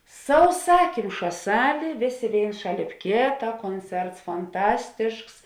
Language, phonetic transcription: Lithuanian, sauˈsakimša ˈsalė ˈvėˌsė ˈvėins ˈšaˌlėp ˈkėta ˈkonˌcerts fanˈtastišks

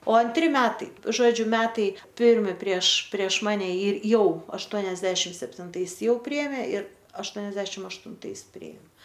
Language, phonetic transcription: Lithuanian, o anˈtri ˈmetai ˈžodžiu ˈmetai ˈpirmi prieš prieš ˈmane ir ˈjau ašˈtuoniasdešim septinˈtais ˈjau ˈpriėmė ir ašˈtuoniasdešim aštunˈtais ˈpriėm

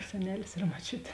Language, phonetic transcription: Lithuanian, seˈnelis ir moˈčiut'

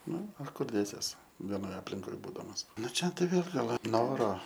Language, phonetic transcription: Lithuanian, ˈnu o ˈkur ˈdėsies veˈnoj aplinˈkoj ˈbūdamas ˈnu ˈčia ˈtai ˈvėl ˈgal ˈnoro

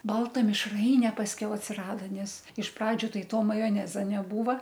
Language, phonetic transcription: Lithuanian, ˈbalta mišˈraine pasˈkiau atsiˈrada ˈnes iš ˈpradžiu ˈtai ˈto majoˈneza neˈbūva

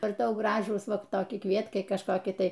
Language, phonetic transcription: Lithuanian, ar ˈtau ˈgražūs ˈva toˈki ˈkvietkai kažˈkoki ˈtai

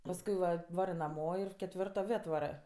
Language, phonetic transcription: Lithuanian, pasˈkui va ˈvarɜ naˈmo ir ketˈvirto ˈvė atˈvarɜ

